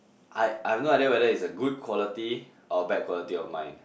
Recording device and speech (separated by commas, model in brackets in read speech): boundary microphone, conversation in the same room